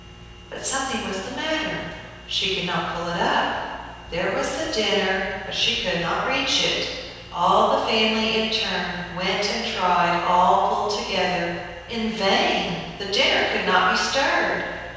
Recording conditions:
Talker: one person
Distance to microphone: 7.1 m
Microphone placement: far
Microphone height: 1.7 m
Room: very reverberant, large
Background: none

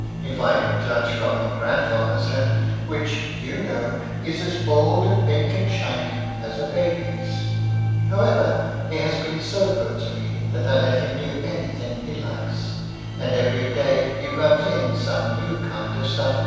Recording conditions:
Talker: one person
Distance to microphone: 7.1 m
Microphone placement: far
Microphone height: 1.7 m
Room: very reverberant, large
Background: music

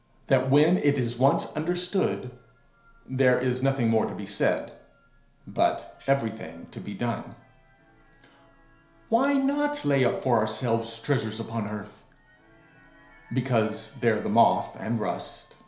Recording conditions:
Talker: one person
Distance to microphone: 1.0 m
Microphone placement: close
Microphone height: 1.1 m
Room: small (3.7 m by 2.7 m)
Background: television

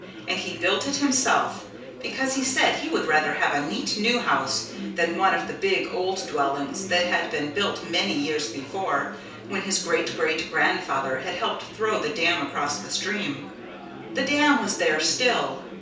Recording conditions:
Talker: one person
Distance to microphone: 3.0 m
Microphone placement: far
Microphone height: 1.8 m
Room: small (3.7 m by 2.7 m)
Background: babble

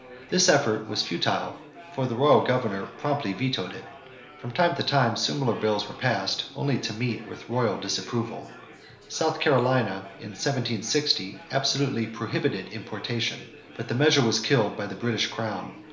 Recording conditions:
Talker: one person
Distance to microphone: 1.0 m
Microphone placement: close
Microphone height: 1.1 m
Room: small (3.7 m by 2.7 m)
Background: babble

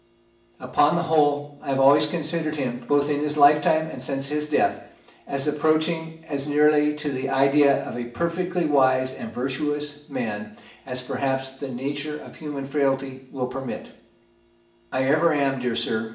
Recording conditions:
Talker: one person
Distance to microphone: 1.8 m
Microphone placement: close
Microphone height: 1.0 m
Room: large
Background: none

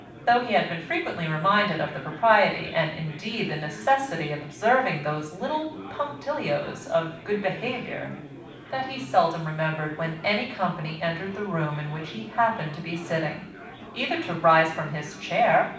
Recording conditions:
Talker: one person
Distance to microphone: 5.8 m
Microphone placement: far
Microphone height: 1.8 m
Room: medium-sized (5.7 m by 4.0 m)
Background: babble

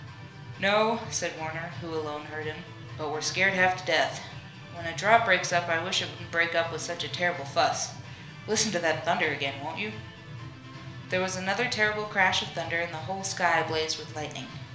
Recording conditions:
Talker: one person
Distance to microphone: 1.0 m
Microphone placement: close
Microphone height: 1.1 m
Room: small (3.7 m by 2.7 m)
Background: music

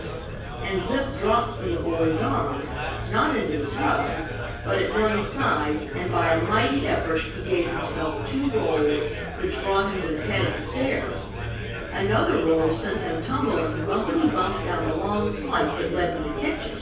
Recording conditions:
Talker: one person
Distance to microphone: 9.8 m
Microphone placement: far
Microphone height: 1.8 m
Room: large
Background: babble

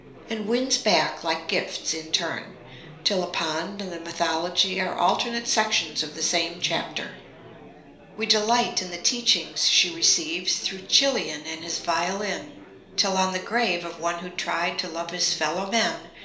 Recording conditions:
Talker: one person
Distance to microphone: 1.0 m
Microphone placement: close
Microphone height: 1.1 m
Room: small (3.7 m by 2.7 m)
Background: babble

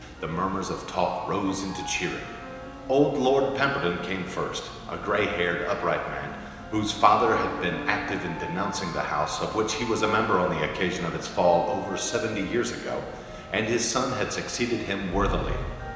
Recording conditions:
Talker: one person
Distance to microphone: 1.7 m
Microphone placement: close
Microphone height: 1.0 m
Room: very reverberant, large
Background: music

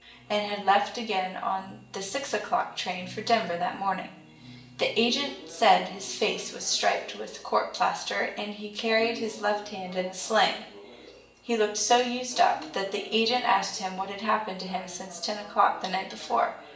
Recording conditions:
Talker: one person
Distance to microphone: 1.8 m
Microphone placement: close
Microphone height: 1.0 m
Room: large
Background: television

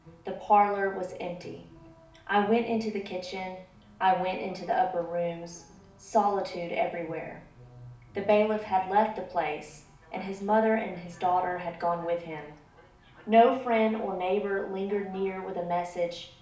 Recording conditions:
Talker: one person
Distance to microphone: 2.0 m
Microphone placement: close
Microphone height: 99 cm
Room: medium-sized (5.7 m by 4.0 m)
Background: television

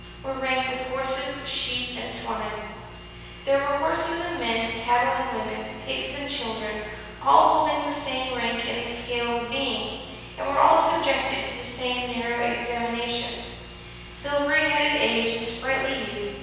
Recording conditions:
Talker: one person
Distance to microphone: 7.1 m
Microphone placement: far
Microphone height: 1.7 m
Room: very reverberant, large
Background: none

